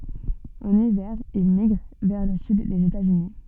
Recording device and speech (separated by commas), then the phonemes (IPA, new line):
soft in-ear microphone, read sentence
ɑ̃n ivɛʁ il miɡʁ vɛʁ lə syd dez etatsyni